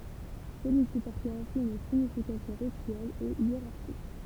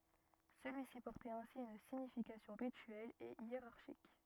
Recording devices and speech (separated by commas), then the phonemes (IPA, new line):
temple vibration pickup, rigid in-ear microphone, read sentence
səlyi si pɔʁtɛt ɛ̃si yn siɲifikasjɔ̃ ʁityɛl e jeʁaʁʃik